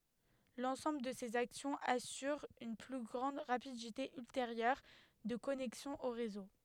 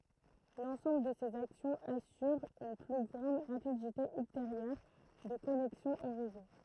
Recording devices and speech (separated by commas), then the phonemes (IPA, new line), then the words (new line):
headset microphone, throat microphone, read sentence
lɑ̃sɑ̃bl də sez aksjɔ̃z asyʁ yn ply ɡʁɑ̃d ʁapidite ylteʁjœʁ də kɔnɛksjɔ̃ o ʁezo
L'ensemble de ces actions assure une plus grande rapidité ultérieure de connexion au réseau.